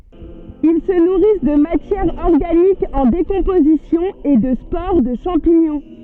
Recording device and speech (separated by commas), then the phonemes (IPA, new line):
soft in-ear microphone, read sentence
il sə nuʁis də matjɛʁ ɔʁɡanik ɑ̃ dekɔ̃pozisjɔ̃ e də spoʁ də ʃɑ̃piɲɔ̃